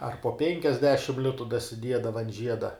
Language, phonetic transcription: Lithuanian, ar po ˈpenkiasdešim ˈlitu dasiˈdiedava an ˈžieda

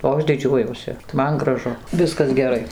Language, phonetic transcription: Lithuanian, o ˈaš ˈdidžiuojuosi ˈman graˈžu ˈviskas geˈrai

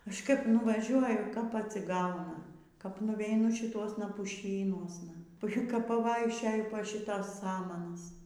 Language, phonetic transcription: Lithuanian, ˈaš kaip nuvaˈžiuoju kap atsiˈgauna kap nuveiˈnu šiˈtuosna puˈšynuosna puˈšiuką paˈvaikščioju po ˈšitas ˈsamanas

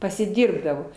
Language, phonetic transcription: Lithuanian, pasiˈdirbdavo

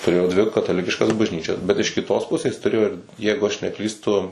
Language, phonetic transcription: Lithuanian, tuˈrėjo dvi kataˈlikiškas bažˈnyčias bet iš kiˈtos ˈpusės tuˈrėjo ir ˈjeigu aš neˈklystu

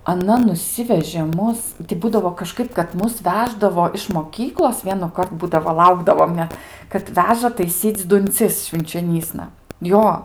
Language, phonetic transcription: Lithuanian, aˈna nuˈsivežė ˈmus ti ˈbūdavo kaˈžkaip kad ˈmus ˈveždavo iš moˈkyklos vienuˈkart ˈbūdavo ˈlaukdavom net kad ˈveža taiˈsyc' dunˈcis švinčioˈnysna ˈjo

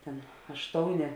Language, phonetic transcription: Lithuanian, ˈten ašˈtouˌnė

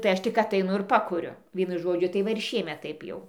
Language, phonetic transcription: Lithuanian, tai ˈaš tik ataiˈnu ir ˈpakuriu ˈvienu ˈžodžiu tai ˈva ir ˈšiemet ˈtaip jau

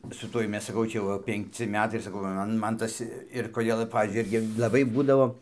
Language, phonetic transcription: Lithuanian, su ˈtuoj ˈmes saˈkau ˈčia jau ˈva penkˈci ˈmetai ir saˈkau va ˈman ˈtas ir koˈdėl ˈpavyzdžiui ˈirgi laˈbai ˈbūdavo

